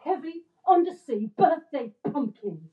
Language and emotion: English, angry